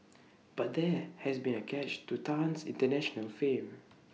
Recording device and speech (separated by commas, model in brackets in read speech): mobile phone (iPhone 6), read sentence